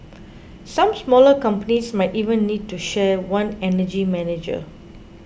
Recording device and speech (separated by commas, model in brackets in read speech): boundary microphone (BM630), read sentence